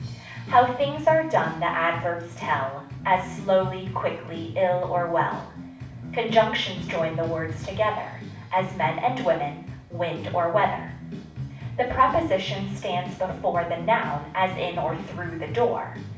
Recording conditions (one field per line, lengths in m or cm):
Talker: one person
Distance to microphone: 5.8 m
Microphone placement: far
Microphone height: 1.8 m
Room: medium-sized (5.7 m by 4.0 m)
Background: music